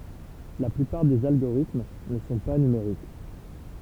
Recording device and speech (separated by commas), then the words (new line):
temple vibration pickup, read sentence
La plupart des algorithmes ne sont pas numériques.